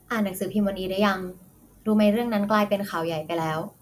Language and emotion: Thai, neutral